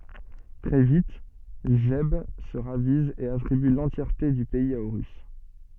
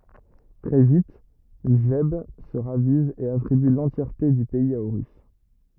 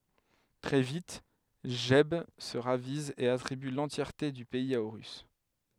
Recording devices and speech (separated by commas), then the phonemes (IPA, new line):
soft in-ear microphone, rigid in-ear microphone, headset microphone, read sentence
tʁɛ vit ʒɛb sə ʁaviz e atʁiby lɑ̃tjɛʁte dy pɛiz a oʁys